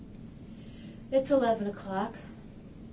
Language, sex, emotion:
English, female, neutral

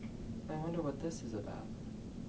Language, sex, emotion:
English, male, fearful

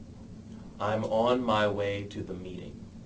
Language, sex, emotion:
English, male, neutral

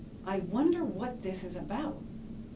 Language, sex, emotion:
English, female, neutral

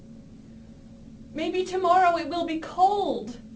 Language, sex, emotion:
English, female, neutral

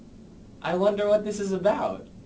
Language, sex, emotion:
English, male, neutral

